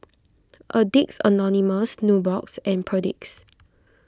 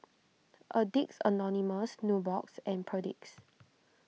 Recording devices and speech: close-talking microphone (WH20), mobile phone (iPhone 6), read sentence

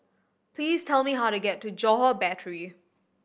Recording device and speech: boundary microphone (BM630), read sentence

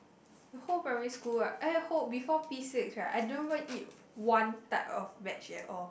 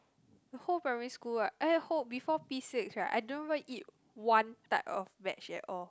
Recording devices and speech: boundary microphone, close-talking microphone, conversation in the same room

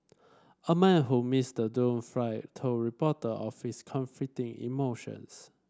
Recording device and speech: standing microphone (AKG C214), read sentence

